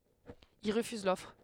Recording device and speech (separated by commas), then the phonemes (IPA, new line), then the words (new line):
headset microphone, read sentence
il ʁəfyz lɔfʁ
Il refuse l'offre.